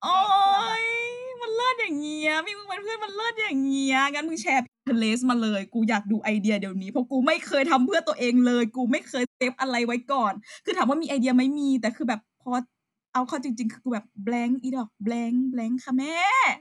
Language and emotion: Thai, happy